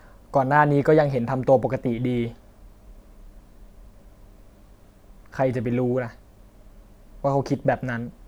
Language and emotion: Thai, sad